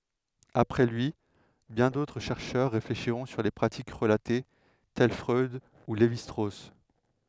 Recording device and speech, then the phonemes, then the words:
headset microphone, read sentence
apʁɛ lyi bjɛ̃ dotʁ ʃɛʁʃœʁ ʁefleʃiʁɔ̃ syʁ le pʁatik ʁəlate tɛl fʁœd u levi stʁos
Après lui, bien d'autres chercheurs réfléchiront sur les pratiques relatées, tels Freud ou Lévi-Strauss.

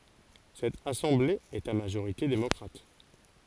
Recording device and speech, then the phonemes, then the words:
forehead accelerometer, read sentence
sɛt asɑ̃ble ɛt a maʒoʁite demɔkʁat
Cette assemblée est à majorité démocrate.

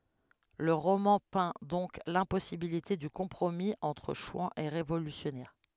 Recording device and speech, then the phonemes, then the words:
headset microphone, read sentence
lə ʁomɑ̃ pɛ̃ dɔ̃k lɛ̃pɔsibilite dy kɔ̃pʁomi ɑ̃tʁ ʃwɑ̃z e ʁevolysjɔnɛʁ
Le roman peint donc l’impossibilité du compromis entre chouans et révolutionnaires.

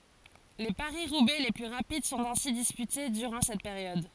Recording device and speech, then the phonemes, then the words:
forehead accelerometer, read sentence
le paʁisʁubɛ le ply ʁapid sɔ̃t ɛ̃si dispyte dyʁɑ̃ sɛt peʁjɔd
Les Paris-Roubaix les plus rapides sont ainsi disputés durant cette période.

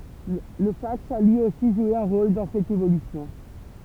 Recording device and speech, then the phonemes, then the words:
temple vibration pickup, read sentence
lə faks a lyi osi ʒwe œ̃ ʁol dɑ̃ sɛt evolysjɔ̃
Le fax a lui aussi joué un rôle dans cette évolution.

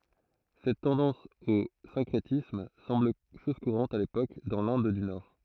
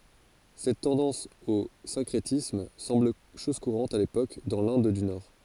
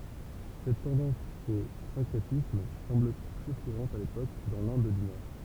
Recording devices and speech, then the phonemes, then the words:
throat microphone, forehead accelerometer, temple vibration pickup, read sentence
sɛt tɑ̃dɑ̃s o sɛ̃kʁetism sɑ̃bl ʃɔz kuʁɑ̃t a lepok dɑ̃ lɛ̃d dy nɔʁ
Cette tendance au syncrétisme semble chose courante à l'époque dans l'Inde du nord.

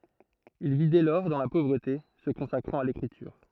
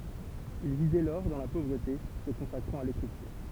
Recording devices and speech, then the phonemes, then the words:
throat microphone, temple vibration pickup, read sentence
il vi dɛ lɔʁ dɑ̃ la povʁəte sə kɔ̃sakʁɑ̃t a lekʁityʁ
Il vit dès lors dans la pauvreté, se consacrant à l'écriture.

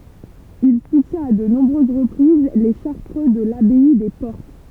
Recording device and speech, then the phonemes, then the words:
temple vibration pickup, read sentence
il sutjɛ̃t a də nɔ̃bʁøz ʁəpʁiz le ʃaʁtʁø də labɛi de pɔʁt
Il soutient à de nombreuses reprises les Chartreux de l'abbaye des Portes.

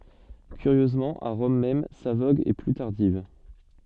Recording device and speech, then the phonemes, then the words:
soft in-ear microphone, read sentence
kyʁjøzmɑ̃ a ʁɔm mɛm sa voɡ ɛ ply taʁdiv
Curieusement à Rome même, sa vogue est plus tardive.

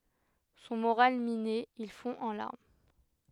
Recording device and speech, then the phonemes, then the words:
headset microphone, read sentence
sɔ̃ moʁal mine il fɔ̃ ɑ̃ laʁm
Son moral miné, il fond en larmes.

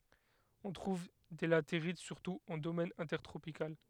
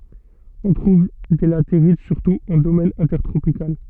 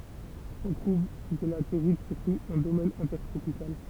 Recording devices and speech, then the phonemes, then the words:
headset microphone, soft in-ear microphone, temple vibration pickup, read sentence
ɔ̃ tʁuv de lateʁit syʁtu ɑ̃ domɛn ɛ̃tɛʁtʁopikal
On trouve des latérites surtout en domaine intertropical.

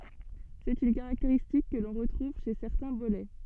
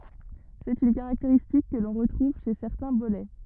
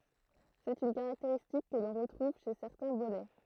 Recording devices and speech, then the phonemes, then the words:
soft in-ear microphone, rigid in-ear microphone, throat microphone, read sentence
sɛt yn kaʁakteʁistik kə lɔ̃ ʁətʁuv ʃe sɛʁtɛ̃ bolɛ
C'est une caractéristique que l'on retrouve chez certains bolets.

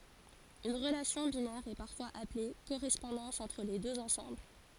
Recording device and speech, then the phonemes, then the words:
forehead accelerometer, read sentence
yn ʁəlasjɔ̃ binɛʁ ɛ paʁfwaz aple koʁɛspɔ̃dɑ̃s ɑ̃tʁ le døz ɑ̃sɑ̃bl
Une relation binaire est parfois appelée correspondance entre les deux ensembles.

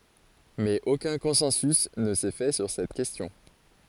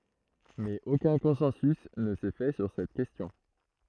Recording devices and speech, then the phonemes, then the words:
forehead accelerometer, throat microphone, read sentence
mɛz okœ̃ kɔ̃sɑ̃sy nə sɛ fɛ syʁ sɛt kɛstjɔ̃
Mais aucun consensus ne s'est fait sur cette question.

